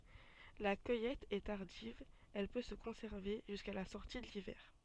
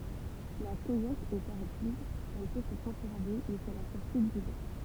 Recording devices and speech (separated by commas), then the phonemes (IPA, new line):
soft in-ear microphone, temple vibration pickup, read sentence
la kœjɛt ɛ taʁdiv ɛl pø sə kɔ̃sɛʁve ʒyska la sɔʁti də livɛʁ